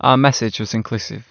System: none